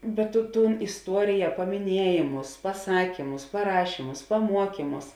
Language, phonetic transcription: Lithuanian, bet tu ˈtūn isˈtuorija pamiˈniejėmus paˈsakymus paˈrašymus paˈmuokymus

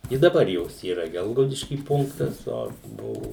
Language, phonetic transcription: Lithuanian, i daˈbar ˈjos yˈra ˈgelgaudišky ˈpunktas ˈo ˈbuvu

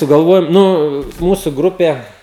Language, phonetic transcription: Lithuanian, sugalˈvojom ˈnu ˈmūsu ˈgrupė

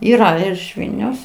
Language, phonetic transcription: Lithuanian, yˈra ir iš ˈvilniaus

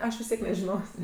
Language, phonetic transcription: Lithuanian, ˈaš vis ˈtiek nežiˈnos'

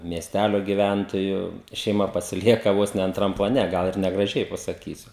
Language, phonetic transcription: Lithuanian, miesˈtælio giˈvæntojų šeiˈma pasiˈlieka ˈvos ne antˈram plaˈne ˈgal ir negraˈžiai pasakysiu

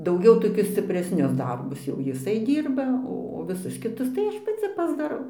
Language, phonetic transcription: Lithuanian, dauˈgiau toˈkius scipresˈnius ˈdarbus jau jiˈsai ˈdyrba ˈo o viˈsus kiˈtus tai ˈaš paˈci pasdaˈrau

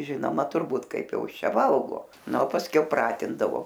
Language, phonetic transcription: Lithuanian, ˈžinoma turˈbūt ˈkaip ˈjau ˈis ˈčia ˈvalgo ˈna o pasˈkiau ˈpratindavo

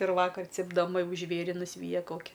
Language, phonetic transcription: Lithuanian, ir ˈvakar cipdaˈma ˈjau ˈžvėri nuˈsvyja ˈkoki

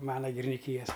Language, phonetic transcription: Lithuanian, ˈmana giriniˈkyjas

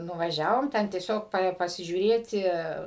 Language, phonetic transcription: Lithuanian, nuvaˈžiavom ˈten tieˈsiog pasižiūˈrėti

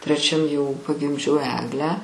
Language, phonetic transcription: Lithuanian, treˈčiam jau pagimˈdžiau ˈeglę

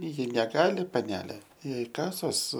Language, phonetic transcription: Lithuanian, ˈji neˈgali paˈnelė ˈjai ˈkasos

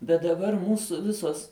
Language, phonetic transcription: Lithuanian, bet daˈbar ˈmūsu ˈvisos

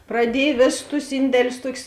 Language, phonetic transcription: Lithuanian, praˈdiej ˈvėsus tus ˈindelius ˈtuokius

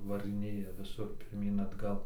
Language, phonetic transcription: Lithuanian, varɨˈnėja viˈsur pirˈmyn atˈgal

